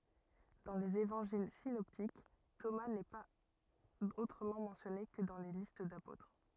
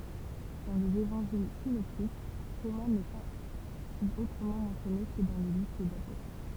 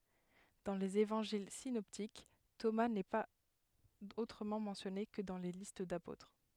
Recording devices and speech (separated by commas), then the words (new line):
rigid in-ear microphone, temple vibration pickup, headset microphone, read sentence
Dans les évangiles synoptiques, Thomas n'est pas autrement mentionné que dans les listes d'apôtres.